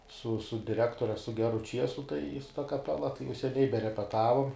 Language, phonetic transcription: Lithuanian, su su diˈrektore su ˈgeru ˈčiesu tai su ta kaˈpela tai jau seˈniai berepeˈtavum

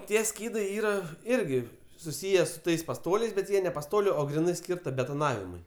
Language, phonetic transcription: Lithuanian, ˈtie ˈskydai ˈyra ˈirgi suˈsyje su ˈtais paˈstoliais bet ˈjie ne paˈstoliu o griˈnai ˈskyrta betoˈnavimui

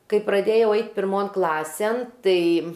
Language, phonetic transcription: Lithuanian, ˈkai praˈdėjau ˈait pirˈmon ˈklasėn ˈtai

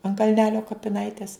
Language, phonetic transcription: Lithuanian, an kalˈnelio kapiˈnaites

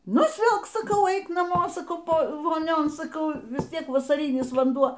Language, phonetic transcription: Lithuanian, nusˈvilk saˈkau ˈeik naˈmo saˈkau ˈpo voˈnion saˈkau vis ˈtiek vasaˈrynis vanˈduo

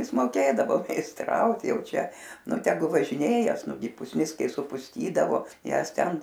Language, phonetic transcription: Lithuanian, ˈjis moˈkėdavo meisˈtraut ˈjau ˈčia ˈnu teˈgu važiˈnėjas ˈnugi pusˈnis ˈkai supusˈtydavo ˈjąs ˈten

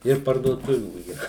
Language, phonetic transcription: Lithuanian, ir parduoˈtuvių yˈra

